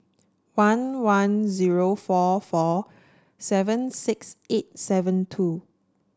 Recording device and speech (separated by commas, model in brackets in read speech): standing microphone (AKG C214), read sentence